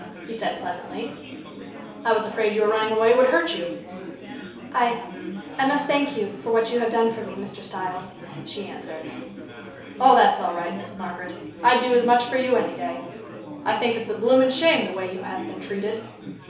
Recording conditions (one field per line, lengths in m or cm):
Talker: one person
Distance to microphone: 3.0 m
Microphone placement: far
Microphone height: 1.8 m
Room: small (3.7 m by 2.7 m)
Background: babble